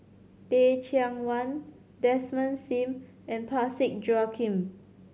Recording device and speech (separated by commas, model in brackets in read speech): mobile phone (Samsung C7100), read sentence